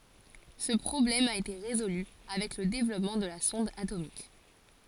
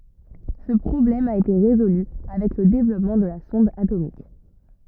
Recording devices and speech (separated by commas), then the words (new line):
forehead accelerometer, rigid in-ear microphone, read sentence
Ce problème a été résolue avec le développement de la sonde atomique.